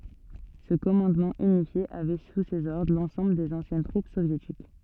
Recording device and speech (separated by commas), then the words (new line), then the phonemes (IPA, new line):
soft in-ear microphone, read sentence
Ce commandement unifié avait sous ses ordres l’ensemble des anciennes troupes soviétiques.
sə kɔmɑ̃dmɑ̃ ynifje avɛ su sez ɔʁdʁ lɑ̃sɑ̃bl dez ɑ̃sjɛn tʁup sovjetik